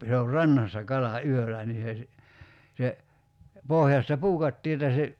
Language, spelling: Finnish, se on rannassa kala yöllä niin se - se pohjasta puukattiin että se
- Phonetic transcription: se or "rannassa 'kala "yöl̆lä nii se si- , se , 'pohjasta "puukattii että se ,.

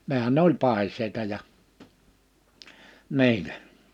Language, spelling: Finnish, nehän ne oli paiseita ja niillä
- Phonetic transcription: 'nehän n ‿oĺ 'pàis̀eita ja , 'ni̬ilä .

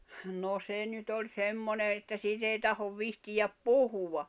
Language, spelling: Finnish, no se nyt oli semmoinen että siitä ei tahdo viitsiä puhua
- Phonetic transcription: no 'se nyt ‿oĺ 'semmone että siit ‿ei tahov vihtijäp "puhuwa .

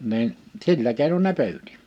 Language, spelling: Finnish, niin sillä keinoin ne pyysi
- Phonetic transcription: nin , "sillä kèinon ne "pyytɪ .

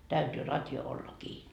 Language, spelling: Finnish, täytyy radio olla kiinni
- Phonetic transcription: 'täytyy 'ratjo olla "kii .

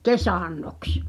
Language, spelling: Finnish, kesannoksi
- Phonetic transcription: kesànnoks !

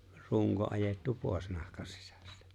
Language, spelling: Finnish, runko ajettu pois nahkan sisästä
- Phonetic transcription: 'ruŋko '’ajèttu 'pòi̬s 'nahka(n) sisᴀ̈stᴀ̈ .

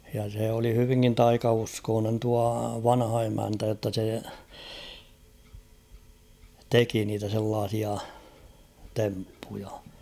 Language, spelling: Finnish, ja se oli hyvinkin taikauskoinen tuo vanha emäntä jotta se teki niitä sellaisia temppuja
- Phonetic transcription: ja sè oli hyviŋkin "taikauskoonen tua 'vanha emäntä jotta se , "teki niitä sellaasia , 'temppuja .

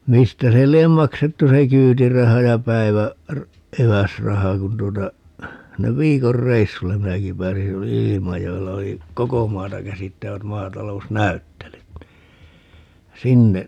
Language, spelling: Finnish, mistä se lie maksettu se kyytiraha ja päivä- - eväsraha kun tuota ne viikon reissulle minäkin pääsin silloin oli Ilmajoella oli koko maata käsittävät maatalousnäyttelyt niin sinne
- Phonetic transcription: 'mistä se 'liem "maksettu se "kyytiraha ja 'päivä- , r- , 'eväsraha kun tuota , 'ne "viikor 'reissullem̆ 'm(in)äki pääsi ('sillo oli) "Ilimajo₍ella oli , "koko 'maata 'käsittävät 'maatal̀ous"näyttelyt (ni) , 'sinne , .

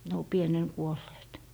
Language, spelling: Finnish, ne on pienenä kuolleet
- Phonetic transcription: ne o 'pienen 'kuolleet .

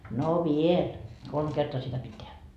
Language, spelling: Finnish, no vielä kolme kertaa sitä piti tehdä
- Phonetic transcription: » no "viel , 'kolm 'kertoa sitä pit tehä .

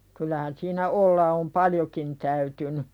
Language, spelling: Finnish, kyllähän siinä olla on paljonkin täytynyt
- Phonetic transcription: kyl̆lähän siinä "olla om "paljokin täytyny .

